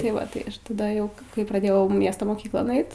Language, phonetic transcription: Lithuanian, tai ˈva ˈtai taˈda ˈjau kai kai praˈdėjau ˈmiesto moˈkyklon ˈait

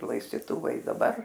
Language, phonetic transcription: Lithuanian, laistiˈtuvai i daˈbar

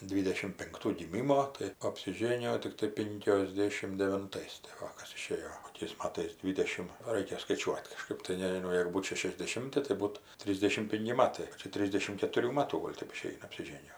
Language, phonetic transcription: Lithuanian, ˈdvydešim pinkˈtų giˈmimo tai apsiˈžėnijo tikˈtai ˌpinkiosˈdėšim devinˈtais tai ˈva ˈkas iˈšėjo koˈkiais ˈmatais ˈdvydešim ˈraikia skaiˈčiuot' kaˈžkɜp tai nežiˈnau ˈjėgu ˈbūt šešiasdeˈšimti tai ˈbūt ˈtrysdešim ˈpinki ˈmatai iki ˈtrisdešim ketuˈrių ˈmatų ˈgol' ˈtep iˈšeina apsiˈžėnijo

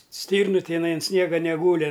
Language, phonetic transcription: Lithuanian, ˈstyrnu tiˈnai an ˈsniega neˈgūli

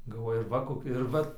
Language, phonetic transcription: Lithuanian, galˈvoju ir ˈva ˈkokia ir ˈvat

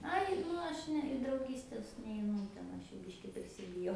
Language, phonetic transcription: Lithuanian, ˈai ˈnu aš ˈne i drauˈgystes neiˈnu ten ˈaš ˈjų ˈbiški prisibiˈjau

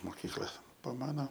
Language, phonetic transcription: Lithuanian, moˈkykla pa ˈmano

